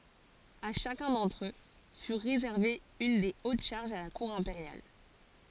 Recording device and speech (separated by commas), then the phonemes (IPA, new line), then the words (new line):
forehead accelerometer, read sentence
a ʃakœ̃ dɑ̃tʁ ø fy ʁezɛʁve yn de ot ʃaʁʒz a la kuʁ ɛ̃peʁjal
À chacun d'entre eux fut réservée une des hautes charges à la cour impériale.